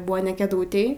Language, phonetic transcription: Lithuanian, ˈbua ne keˈdūtėj

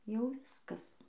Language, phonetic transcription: Lithuanian, jau ˈviskas

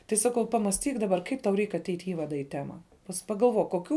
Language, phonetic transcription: Lithuanian, tai ˈsaˌkau ˈpamasˌtyk daˈbar ˈkaip tau reik aˈteit' i ˈįvada į ˈtema pas pagalˈvok koˈkių

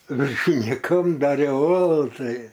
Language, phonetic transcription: Lithuanian, viršiniˈkam daˈriau ˈolų ˈtai

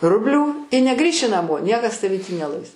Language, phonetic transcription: Lithuanian, ˈrublių i neˈgrįši naˈmo ˈniekas taˈvį tį neˈlais

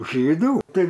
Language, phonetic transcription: Lithuanian, ˈžydų ˈtai

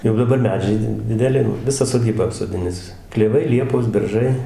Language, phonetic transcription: Lithuanian, jau daˈbar ˈmedžiai di dideˈli jo ˈvisą soˈdybą apsoˈdinis kleˈvai ˈliepos ˈberžai

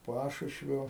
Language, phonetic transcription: Lithuanian, ˈpašušvio

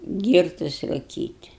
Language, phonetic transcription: Lithuanian, ˈgyrtus ruˈkyt'

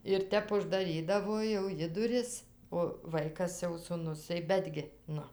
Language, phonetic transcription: Lithuanian, ir ˈtep uždaˈrydavo jau ˈji duˈris o ˈvaikas jau suˈnus tai ˈbetgi ˈnu

